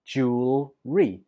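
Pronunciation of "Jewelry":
'Jewelry' is said with just two syllables, and the stress is on the first syllable.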